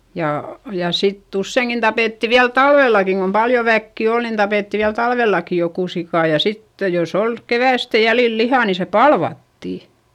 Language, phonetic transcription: Finnish, ja , ja sitt ‿usseiŋkin tapètti viäl talvellakiŋ kom paljo väkki ol nin tapètti viäl talvèllaki jokù sikà ja sitte jos ‿ol , kevä̀stä jälil lihà ni se palvattì .
- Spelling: ja ja sitten useinkin tapettiin vielä talvellakin kun paljon väkeä oli niin tapettiin vielä talvellakin joku sika ja sitten jos oli keväästä jäljillä lihaa niin se palvattiin

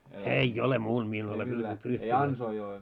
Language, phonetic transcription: Finnish, ei "ole 'muul mie en ole pyytänt 'yhtäkää .
- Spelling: ei ole muulla minä en ole pyytänyt yhtäkään

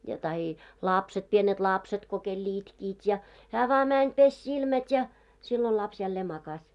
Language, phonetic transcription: Finnish, ja tahi , 'làpset pienet 'lapset ko kel'l ‿itkiit ja , hää vaa mäń 'peś "silmät́ ja , 'sillo laps jällee 'makas .
- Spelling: ja tahi lapset pienet lapset kun kenellä itkivät ja hän vain meni pesi silmät ja silloin lapsi jälleen makasi

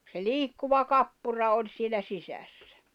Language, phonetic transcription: Finnish, se "liikkuva "kappura 'oĺ sielä 'sisässᴀ̈ .
- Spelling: se liikkuva kappura oli siellä sisässä

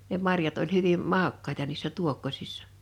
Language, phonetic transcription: Finnish, ne 'marjat oĺ 'hyvim , 'màokkaeta niissä 'tuokkosɪssᴀ .
- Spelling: ne marjat oli hyvin maukkaita niissä tuokkosissa

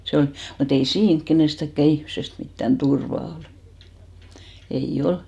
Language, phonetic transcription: Finnish, se on , mu't ‿ei "siiŋk kenestäkkä 'ihmsest mittän "turva ol , 'ei "ol .
- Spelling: se on mutta ei siinä kenestäkään ihmisestä mitään turvaa ole ei ole

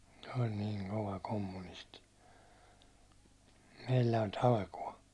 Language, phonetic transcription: Finnish, se oĺ 'niiŋ "kova 'kommunisti , 'meillä oĺ "talkuå .
- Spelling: se oli niin kova kommunisti meillä oli talkoot

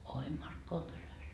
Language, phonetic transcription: Finnish, oi "Markkova kyläs .
- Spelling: oi Markkovan kylässä

